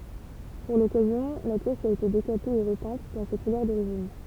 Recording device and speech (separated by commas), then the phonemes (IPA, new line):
temple vibration pickup, read sentence
puʁ lɔkazjɔ̃ la pjɛs a ete dekape e ʁəpɛ̃t dɑ̃ se kulœʁ doʁiʒin